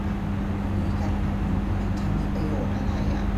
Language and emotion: Thai, frustrated